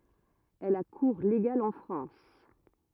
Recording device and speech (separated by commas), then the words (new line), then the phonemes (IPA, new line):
rigid in-ear microphone, read sentence
Elle a cours légal en France.
ɛl a kuʁ leɡal ɑ̃ fʁɑ̃s